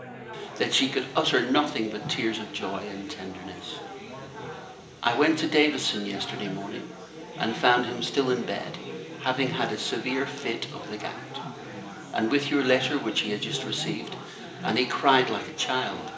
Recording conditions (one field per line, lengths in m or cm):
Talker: one person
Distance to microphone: 1.8 m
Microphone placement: close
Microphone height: 1.0 m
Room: large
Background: babble